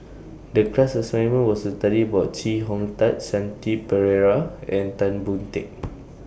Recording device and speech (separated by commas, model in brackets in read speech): boundary microphone (BM630), read sentence